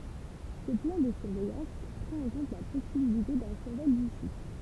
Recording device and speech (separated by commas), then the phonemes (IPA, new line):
temple vibration pickup, read sentence
sə plɑ̃ də syʁvɛjɑ̃s pʁɑ̃t ɑ̃ kɔ̃t la pɔsibilite dœ̃ syʁvɔl dy sit